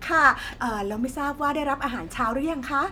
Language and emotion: Thai, happy